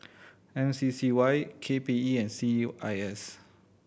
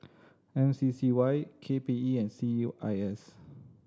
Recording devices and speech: boundary microphone (BM630), standing microphone (AKG C214), read sentence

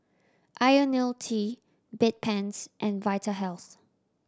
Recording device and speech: standing microphone (AKG C214), read sentence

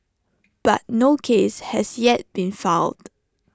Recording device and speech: standing microphone (AKG C214), read sentence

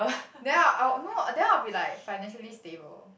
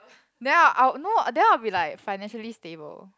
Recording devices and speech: boundary microphone, close-talking microphone, conversation in the same room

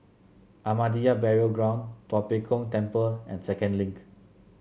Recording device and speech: mobile phone (Samsung C7), read sentence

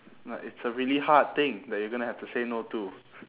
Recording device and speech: telephone, conversation in separate rooms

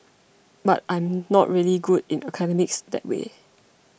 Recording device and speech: boundary microphone (BM630), read sentence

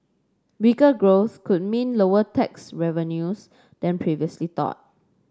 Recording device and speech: standing microphone (AKG C214), read sentence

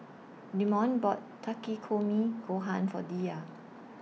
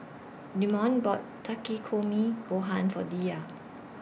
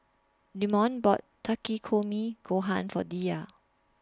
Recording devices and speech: mobile phone (iPhone 6), boundary microphone (BM630), standing microphone (AKG C214), read sentence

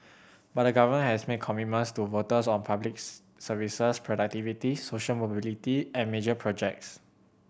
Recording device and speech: boundary microphone (BM630), read sentence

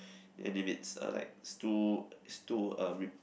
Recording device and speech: boundary microphone, conversation in the same room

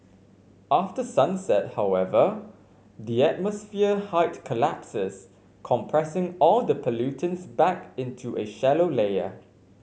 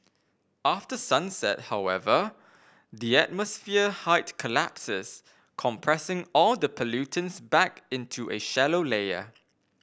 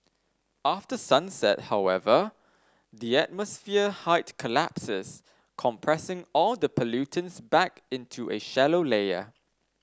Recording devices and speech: mobile phone (Samsung C5), boundary microphone (BM630), standing microphone (AKG C214), read sentence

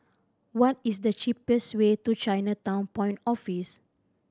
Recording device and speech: standing microphone (AKG C214), read sentence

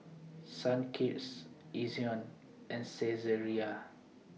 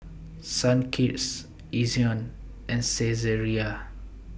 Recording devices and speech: mobile phone (iPhone 6), boundary microphone (BM630), read sentence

